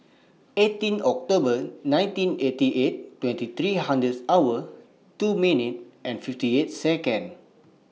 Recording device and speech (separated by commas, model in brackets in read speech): mobile phone (iPhone 6), read sentence